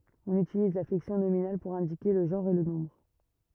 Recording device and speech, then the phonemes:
rigid in-ear microphone, read sentence
ɔ̃n ytiliz la flɛksjɔ̃ nominal puʁ ɛ̃dike lə ʒɑ̃ʁ e lə nɔ̃bʁ

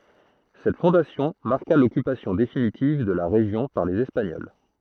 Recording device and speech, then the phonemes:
throat microphone, read sentence
sɛt fɔ̃dasjɔ̃ maʁka lɔkypasjɔ̃ definitiv də la ʁeʒjɔ̃ paʁ lez ɛspaɲɔl

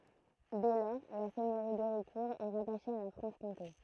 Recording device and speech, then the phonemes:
throat microphone, read sentence
dɛ lɔʁ la sɛɲøʁi deʁikuʁ ɛ ʁataʃe a la fʁɑ̃ʃkɔ̃te

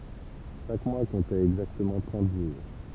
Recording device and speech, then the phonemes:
temple vibration pickup, read sentence
ʃak mwa kɔ̃tɛt ɛɡzaktəmɑ̃ tʁɑ̃t ʒuʁ

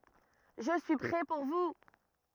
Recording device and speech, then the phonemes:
rigid in-ear microphone, read sentence
ʒə syi pʁɛ puʁ vu

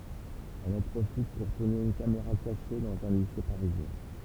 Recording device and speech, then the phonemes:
temple vibration pickup, read sentence
ɛl ɑ̃ pʁofit puʁ tuʁne yn kameʁa kaʃe dɑ̃z œ̃ lise paʁizjɛ̃

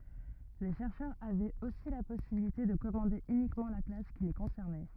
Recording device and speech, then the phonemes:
rigid in-ear microphone, read sentence
le ʃɛʁʃœʁz avɛt osi la pɔsibilite də kɔmɑ̃de ynikmɑ̃ la klas ki le kɔ̃sɛʁnɛ

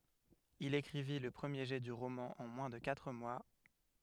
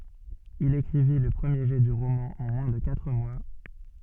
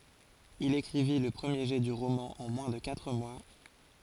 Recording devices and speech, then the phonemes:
headset microphone, soft in-ear microphone, forehead accelerometer, read sentence
il ekʁivi lə pʁəmje ʒɛ dy ʁomɑ̃ ɑ̃ mwɛ̃ də katʁ mwa

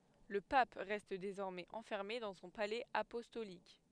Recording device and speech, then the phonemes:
headset microphone, read sentence
lə pap ʁɛst dezɔʁmɛz ɑ̃fɛʁme dɑ̃ sɔ̃ palɛz apɔstolik

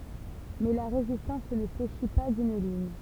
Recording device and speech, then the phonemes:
temple vibration pickup, read sentence
mɛ la ʁezistɑ̃s nə fleʃi pa dyn liɲ

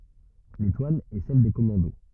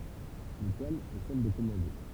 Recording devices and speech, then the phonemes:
rigid in-ear microphone, temple vibration pickup, read sentence
letwal ɛ sɛl de kɔmɑ̃do

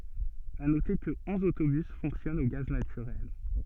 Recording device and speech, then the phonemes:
soft in-ear microphone, read sentence
a note kə ɔ̃z otobys fɔ̃ksjɔnt o ɡaz natyʁɛl

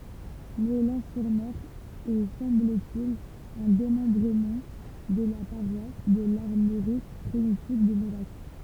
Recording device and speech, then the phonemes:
temple vibration pickup, read sentence
mɔɛlɑ̃ syʁ mɛʁ ɛ sɑ̃bl te il œ̃ demɑ̃bʁəmɑ̃ də la paʁwas də laʁmoʁik pʁimitiv də mɛlak

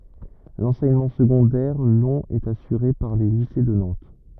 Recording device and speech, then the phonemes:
rigid in-ear microphone, read sentence
lɑ̃sɛɲəmɑ̃ səɡɔ̃dɛʁ lɔ̃ ɛt asyʁe paʁ le lise də nɑ̃t

